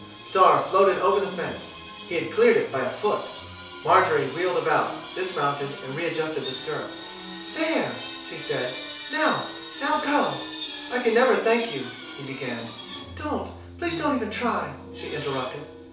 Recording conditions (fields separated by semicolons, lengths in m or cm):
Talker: one person; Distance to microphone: 3.0 m; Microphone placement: far; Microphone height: 1.8 m; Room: small (3.7 m by 2.7 m); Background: television